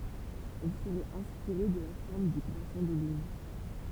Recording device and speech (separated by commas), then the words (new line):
temple vibration pickup, read sentence
Elle serait inspirée de la forme du croissant de lune.